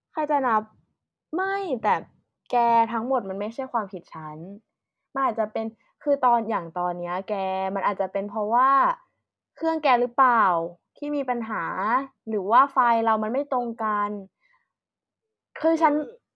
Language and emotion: Thai, frustrated